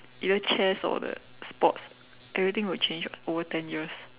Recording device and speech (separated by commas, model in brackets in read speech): telephone, conversation in separate rooms